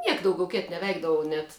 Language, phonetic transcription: Lithuanian, ˈniek dauˈgiau ˈkėt nevˈeikdavau net

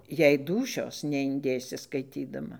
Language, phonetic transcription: Lithuanian, jei ˈdūšios neinˈdėsi skaiˈtydama

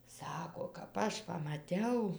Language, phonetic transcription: Lithuanian, ˈsako kap ˈaš pamaˈtiau

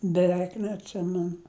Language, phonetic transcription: Lithuanian, beˈveik neatˈsimenu

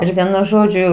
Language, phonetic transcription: Lithuanian, ˈir ˈvienu ˈžodžiu

